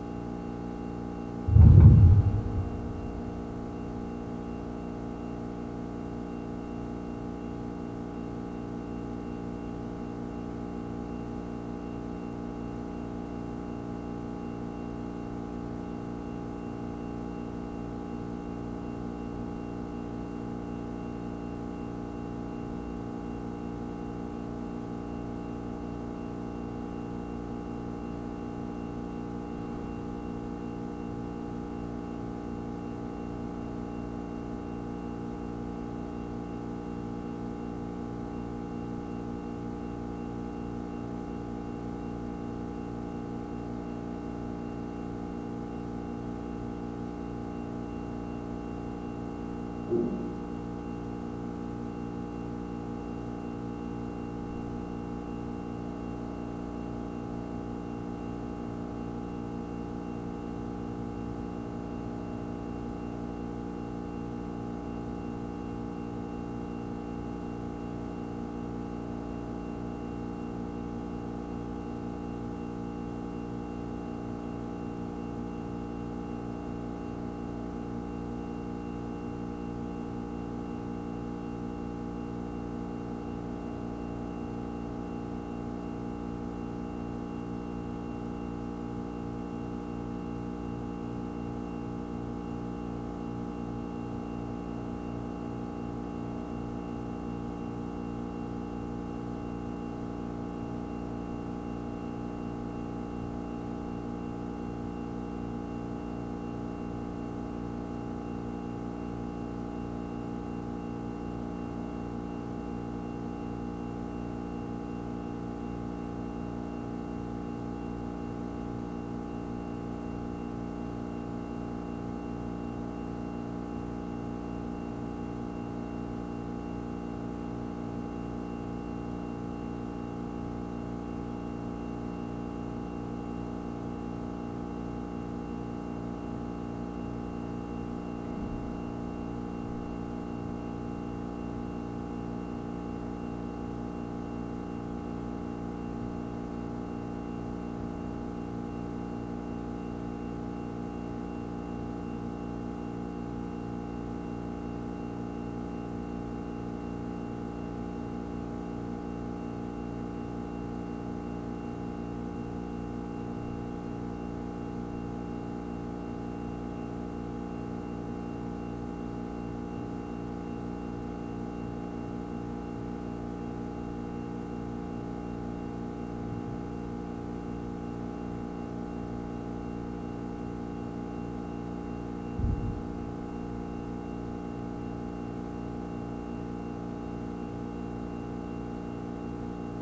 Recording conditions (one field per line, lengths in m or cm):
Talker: no one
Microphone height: 25 cm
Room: very reverberant, large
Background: none